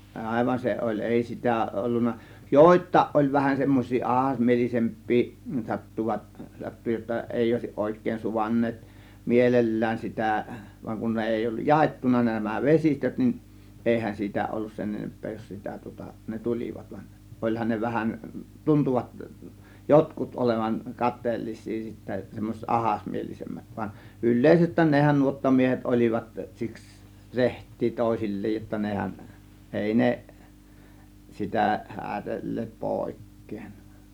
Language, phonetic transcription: Finnish, ˀàėvan 'se oĺ , "ˀèi 'sitä̀ 'ˀollunna , "jòėt̆tàėˀ ˀoĺ vähän semmoś̆sii "ˀahasmielise̬mp̆pii , "sattuvat , 'sattu jotta "èi òėsiˀ 'ˀòėk̆keen "suvaǹneet , "mielel̀lään 'sitä̀ , vaŋ kun ne 'èi olluj "jaettuna nämä "vesistöt nin , 'ˀèihän 'siitä ollus sen 'enemp̆pee jos sitä tŭŏta 'ne , "tul͕ivat van , 'ˀoĺhan ne 'vähän , "tuntuvat , "jotkut ˀolevaŋ "kat̆teellis̆sii sittä , semmoset "ˀahasmielisemmät van , "yl̆lèisest̆tään nehän 'nuottamiehet 'ol͕ivat siks , "reht̆tii 'tòėsil͕̀l͕eej jotta 'nehän , "èi "ne , 'sitä 'hääD§elleet "pòėk̆keen .
- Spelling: aivan se oli ei sitä ollut joitakin oli vähän semmoisia ahdasmielisempiä sattuivat sattui jotta ei olisi oikein suvainneet mielellään sitä vaan kun ne ei ollut jaettuna nämä vesistöt niin eihän siitä ollut sen enempää jos sitä tuota ne tulivat vaan olihan ne vähän tuntuivat jotkut olevan kateellisia sitten semmoiset ahdasmielisemmät vaan yleisesti nehän nuottamiehet olivat siksi rehtejä toisilleen jotta nehän ei ne sitä häädelleet pois

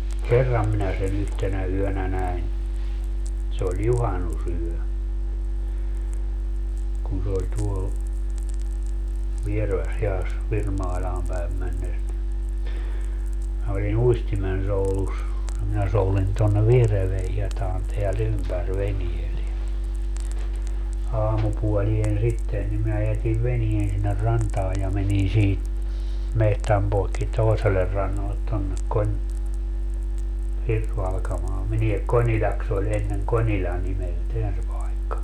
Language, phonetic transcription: Finnish, "kerram minä se'n ‿yhtenä 'yönä 'näin , se oĺ "juhanusyö , kun se oĺ 'tuol , 'Viereväshi₍as , 'Virmaiĺaam päem männes ni , minä oli"n ‿uistimensoulus , ja minä 'soulin tonne '(Vihreywe)hiɛtaan teä'l ‿ympär 'veniel ja , 'aamupuolien 'sitten nim mää 'jätiv 'venien sinner 'rantaa ja 'menin sii , 'mehtäm poekki 'toeseler 'rannallet tonnek Koń- , 'Hirsvalkamaa menie "Końiĺaks ‿oĺ enneŋ "końiĺa 'nimelteän se pai̮kka .
- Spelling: kerran minä sen yhtenä yönä näin se oli juhannusyö kun se oli tuolla Vierevässähiedassa Virmailaan päin mennessä niin minä olin uistimensoudussa ja minä soudin tuonne Viereväänhietaan täällä ympäri veneellä ja aamupuoleen sitten niin minä jätin veneen sinne rantaan ja menin siitä metsän poikki toiselle rannalle tuonne - Hirsivalkamaan menee Konilaksi oli ennen Konila nimeltään se paikka

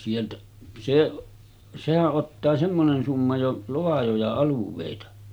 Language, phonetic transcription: Finnish, sieltä , seˀ , sehäˀ 'ˀottaa 'semmonen summa jo , 'loajoja 'aluv̆vèita .
- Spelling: sieltä se sehän ottaa semmoinen summa jo laajoja alueita

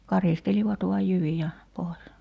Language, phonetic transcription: Finnish, 'karistelivat vuaj 'jyvija̳§ , pois .
- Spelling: karistelivat vain jyviä pois

